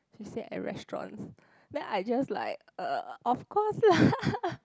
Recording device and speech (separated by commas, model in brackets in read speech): close-talking microphone, conversation in the same room